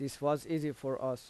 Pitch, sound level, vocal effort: 140 Hz, 86 dB SPL, normal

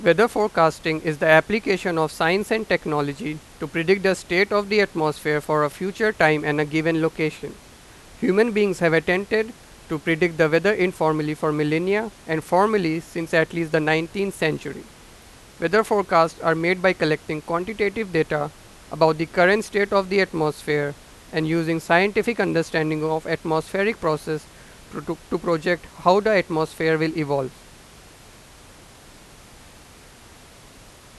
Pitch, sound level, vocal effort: 165 Hz, 94 dB SPL, very loud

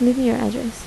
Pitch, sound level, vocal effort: 245 Hz, 75 dB SPL, soft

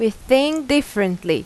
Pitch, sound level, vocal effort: 225 Hz, 87 dB SPL, loud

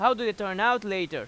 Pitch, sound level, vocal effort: 215 Hz, 98 dB SPL, very loud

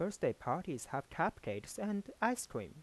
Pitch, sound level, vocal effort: 205 Hz, 86 dB SPL, soft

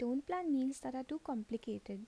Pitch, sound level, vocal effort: 260 Hz, 77 dB SPL, soft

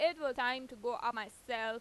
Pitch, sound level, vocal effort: 245 Hz, 95 dB SPL, loud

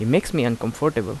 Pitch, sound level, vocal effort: 120 Hz, 83 dB SPL, normal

